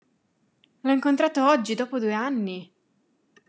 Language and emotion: Italian, surprised